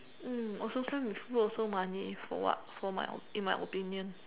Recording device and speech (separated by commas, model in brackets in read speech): telephone, conversation in separate rooms